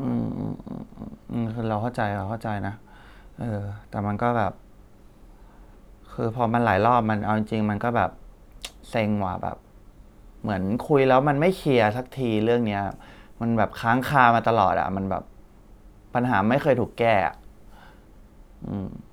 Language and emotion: Thai, frustrated